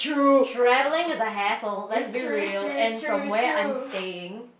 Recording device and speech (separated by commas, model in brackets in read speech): boundary microphone, conversation in the same room